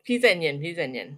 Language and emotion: Thai, frustrated